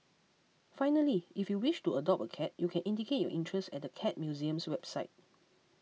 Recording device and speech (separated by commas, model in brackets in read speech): mobile phone (iPhone 6), read sentence